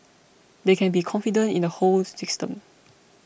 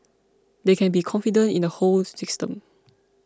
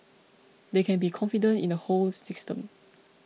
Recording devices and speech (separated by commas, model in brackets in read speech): boundary microphone (BM630), close-talking microphone (WH20), mobile phone (iPhone 6), read sentence